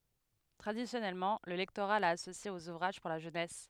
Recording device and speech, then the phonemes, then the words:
headset microphone, read sentence
tʁadisjɔnɛlmɑ̃ lə lɛktoʁa la asosje oz uvʁaʒ puʁ la ʒønɛs
Traditionnellement, le lectorat l'a associé aux ouvrages pour la jeunesse.

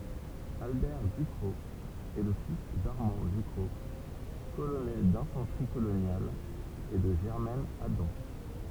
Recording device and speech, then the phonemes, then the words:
temple vibration pickup, read sentence
albɛʁ dykʁɔk ɛ lə fis daʁmɑ̃ dykʁɔk kolonɛl dɛ̃fɑ̃tʁi kolonjal e də ʒɛʁmɛn adɑ̃
Albert Ducrocq est le fils d'Armand Ducrocq, colonel d'infanterie coloniale et de Germaine Adam.

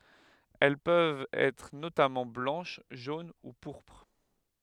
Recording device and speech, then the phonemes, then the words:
headset microphone, read sentence
ɛl pøvt ɛtʁ notamɑ̃ blɑ̃ʃ ʒon u puʁpʁ
Elles peuvent être notamment blanches, jaunes ou pourpres.

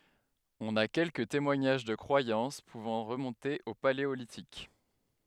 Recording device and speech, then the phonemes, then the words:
headset microphone, read sentence
ɔ̃n a kɛlkə temwaɲaʒ də kʁwajɑ̃s puvɑ̃ ʁəmɔ̃te o paleolitik
On a quelques témoignages de croyances pouvant remonter au Paléolithique.

